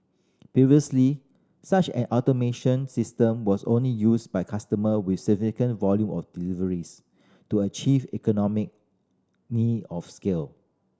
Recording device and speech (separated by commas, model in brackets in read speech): standing microphone (AKG C214), read sentence